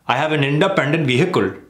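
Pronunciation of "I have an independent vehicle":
'I have an independent vehicle' is pronounced incorrectly here.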